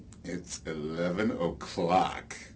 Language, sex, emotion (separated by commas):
English, male, happy